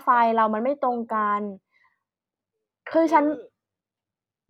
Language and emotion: Thai, frustrated